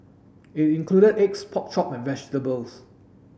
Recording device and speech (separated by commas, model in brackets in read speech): boundary microphone (BM630), read sentence